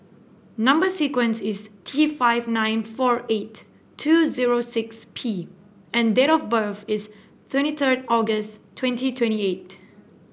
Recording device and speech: boundary microphone (BM630), read sentence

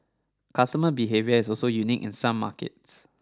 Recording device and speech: standing microphone (AKG C214), read sentence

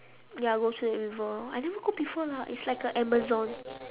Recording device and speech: telephone, conversation in separate rooms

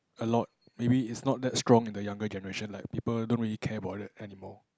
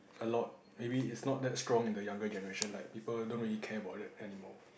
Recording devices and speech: close-talking microphone, boundary microphone, conversation in the same room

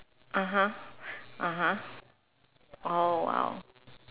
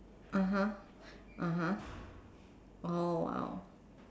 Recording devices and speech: telephone, standing microphone, conversation in separate rooms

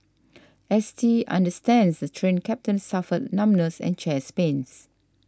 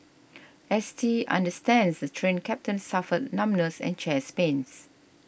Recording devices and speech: standing microphone (AKG C214), boundary microphone (BM630), read sentence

